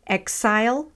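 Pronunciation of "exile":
In 'exile', the x is said unvoiced.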